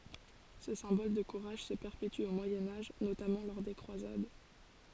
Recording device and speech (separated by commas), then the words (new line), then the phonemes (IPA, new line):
forehead accelerometer, read sentence
Ce symbole de courage se perpétue au Moyen Âge, notamment lors des Croisades.
sə sɛ̃bɔl də kuʁaʒ sə pɛʁpety o mwajɛ̃ aʒ notamɑ̃ lɔʁ de kʁwazad